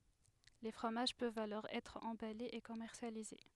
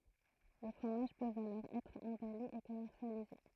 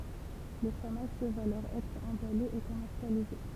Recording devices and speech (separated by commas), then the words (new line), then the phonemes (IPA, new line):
headset microphone, throat microphone, temple vibration pickup, read sentence
Les fromages peuvent alors être emballés et commercialisés.
le fʁomaʒ pøvt alɔʁ ɛtʁ ɑ̃balez e kɔmɛʁsjalize